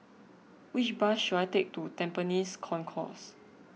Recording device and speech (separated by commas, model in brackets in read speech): mobile phone (iPhone 6), read sentence